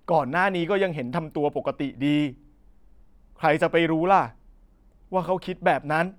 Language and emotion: Thai, frustrated